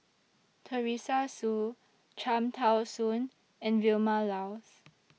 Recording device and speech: mobile phone (iPhone 6), read sentence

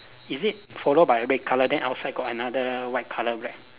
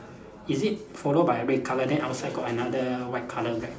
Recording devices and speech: telephone, standing microphone, conversation in separate rooms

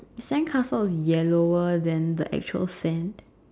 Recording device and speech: standing microphone, conversation in separate rooms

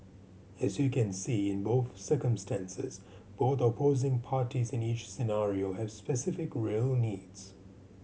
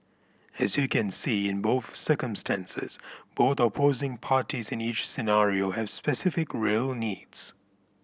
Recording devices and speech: mobile phone (Samsung C7100), boundary microphone (BM630), read sentence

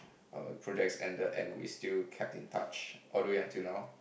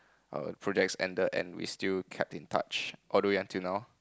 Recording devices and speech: boundary microphone, close-talking microphone, conversation in the same room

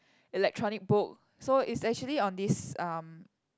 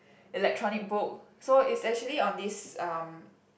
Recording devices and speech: close-talking microphone, boundary microphone, conversation in the same room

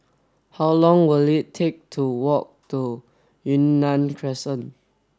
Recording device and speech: standing microphone (AKG C214), read sentence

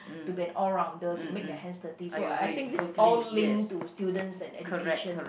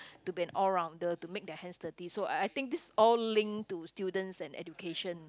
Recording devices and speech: boundary microphone, close-talking microphone, conversation in the same room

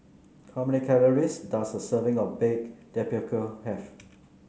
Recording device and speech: mobile phone (Samsung C9), read sentence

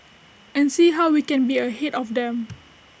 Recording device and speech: boundary microphone (BM630), read sentence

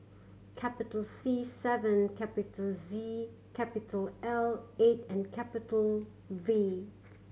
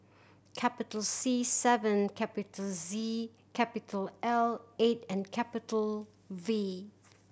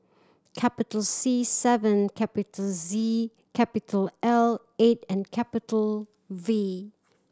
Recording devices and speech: mobile phone (Samsung C7100), boundary microphone (BM630), standing microphone (AKG C214), read sentence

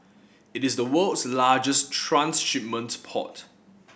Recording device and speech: boundary microphone (BM630), read sentence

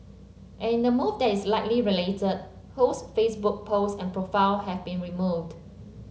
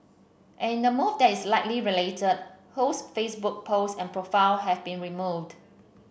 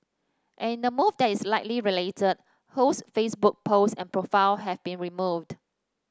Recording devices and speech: mobile phone (Samsung C7), boundary microphone (BM630), standing microphone (AKG C214), read sentence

